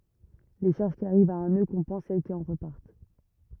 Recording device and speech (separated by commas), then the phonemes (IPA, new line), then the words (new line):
rigid in-ear microphone, read sentence
le ʃaʁʒ ki aʁivt a œ̃ nø kɔ̃pɑ̃s sɛl ki ɑ̃ ʁəpaʁt
Les charges qui arrivent à un nœud compensent celles qui en repartent.